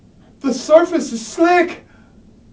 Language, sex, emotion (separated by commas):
English, male, fearful